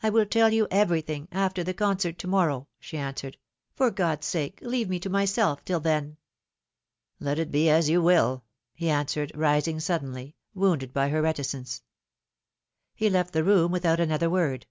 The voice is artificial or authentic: authentic